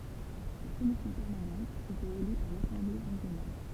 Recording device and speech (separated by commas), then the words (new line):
temple vibration pickup, read sentence
La Commission permanente était élue par l'Assemblée régionale.